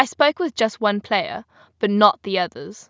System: none